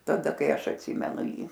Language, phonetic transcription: Lithuanian, taˈda ˈkai ˈaš atˈsymenu ˈjį

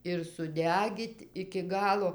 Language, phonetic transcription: Lithuanian, ir suˈdegyt' iki ˈgalo

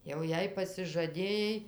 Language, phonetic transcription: Lithuanian, jau ˈjei pasižaˈdėjai

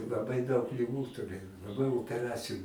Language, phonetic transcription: Lithuanian, laˈbai daug liˈgų tuˈrėj laˈbai opeˈraciju

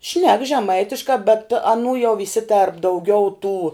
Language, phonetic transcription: Lithuanian, šnek žeˈmaitiškā bet aˈnų jau viˈsitėrp dauˈgiau tų

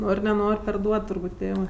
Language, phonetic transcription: Lithuanian, ˈnor' neˈnor' perˈduod turˈbūt' ˈtėvɜ

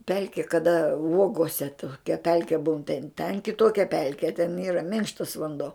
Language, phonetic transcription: Lithuanian, ˈpelki kaˈda ˈuogose toˈkia ˈpelke būn ten ten kiˈtokia ˈpelke ten ˈyra ˈminkštas vanˈdo

